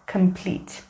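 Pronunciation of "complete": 'Complete' is pronounced correctly here.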